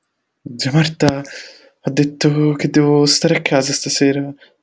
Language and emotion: Italian, fearful